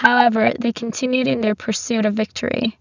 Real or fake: fake